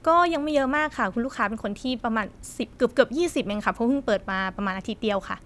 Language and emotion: Thai, happy